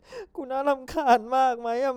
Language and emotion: Thai, sad